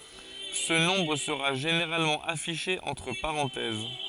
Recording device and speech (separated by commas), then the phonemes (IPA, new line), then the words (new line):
forehead accelerometer, read sentence
sə nɔ̃bʁ səʁa ʒeneʁalmɑ̃ afiʃe ɑ̃tʁ paʁɑ̃tɛz
Ce nombre sera généralement affiché entre parenthèses.